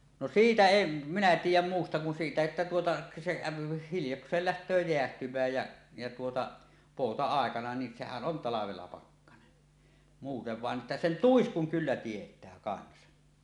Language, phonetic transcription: Finnish, no "siitä "em̳ , 'minä 'tiij̆jäm 'muusta kun siitä että tuota , se kä̀öpi 'hiljoks̀eel läht̀öö 'jeähtym̀ääj jä , jä tuota , "pòuta₍àekana ni "sehän 'ˀon 'talavella 'pakkanen , muutev 'vàen ’että sen "tuiskuŋ 'kyllä 'tiet̀ää kansa .
- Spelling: no siitä en minä tiedä muusta kuin siitä että tuota se käy hiljakseen lähtee jäähtymään ja ja tuota pouta-aikana niin sehän on talvella pakkanen muuten vain että sen tuiskun kyllä tietää kanssa

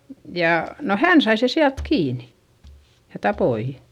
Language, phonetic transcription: Finnish, ja , no hän sai se siält kiinI , ja tapoi .
- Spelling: ja no hän sai sen sieltä kiinni ja tappoi

